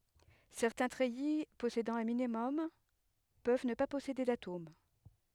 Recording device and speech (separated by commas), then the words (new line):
headset microphone, read sentence
Certains treillis possédant un minimum peuvent ne pas posséder d'atomes.